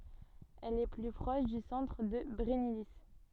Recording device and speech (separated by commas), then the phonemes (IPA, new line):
soft in-ear microphone, read sentence
ɛl ɛ ply pʁɔʃ dy sɑ̃tʁ də bʁɛnili